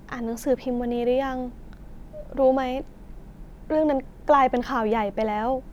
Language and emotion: Thai, sad